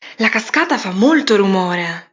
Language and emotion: Italian, surprised